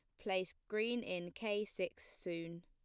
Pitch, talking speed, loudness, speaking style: 185 Hz, 145 wpm, -42 LUFS, plain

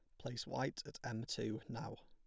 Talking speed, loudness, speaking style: 195 wpm, -44 LUFS, plain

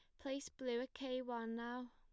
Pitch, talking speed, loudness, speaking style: 250 Hz, 210 wpm, -45 LUFS, plain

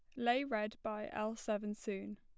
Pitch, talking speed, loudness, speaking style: 215 Hz, 180 wpm, -39 LUFS, plain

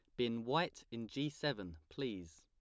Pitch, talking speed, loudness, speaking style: 115 Hz, 165 wpm, -41 LUFS, plain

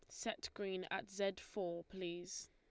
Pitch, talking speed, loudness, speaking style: 190 Hz, 155 wpm, -45 LUFS, Lombard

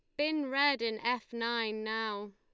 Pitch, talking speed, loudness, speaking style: 235 Hz, 170 wpm, -33 LUFS, Lombard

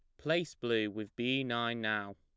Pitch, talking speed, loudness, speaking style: 115 Hz, 185 wpm, -34 LUFS, plain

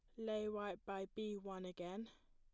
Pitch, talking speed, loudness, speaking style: 205 Hz, 190 wpm, -47 LUFS, plain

